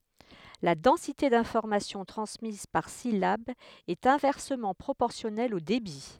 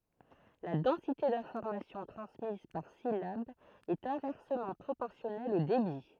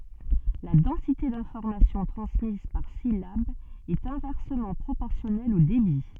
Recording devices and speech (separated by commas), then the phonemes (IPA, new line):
headset microphone, throat microphone, soft in-ear microphone, read sentence
la dɑ̃site dɛ̃fɔʁmasjɔ̃ tʁɑ̃smiz paʁ silab ɛt ɛ̃vɛʁsəmɑ̃ pʁopɔʁsjɔnɛl o debi